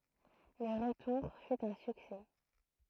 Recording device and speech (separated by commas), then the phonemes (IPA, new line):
throat microphone, read sentence
lə ʁətuʁ fy œ̃ syksɛ